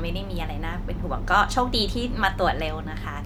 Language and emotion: Thai, neutral